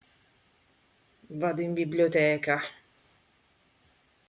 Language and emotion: Italian, disgusted